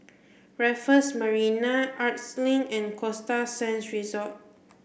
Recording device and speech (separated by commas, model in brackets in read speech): boundary microphone (BM630), read sentence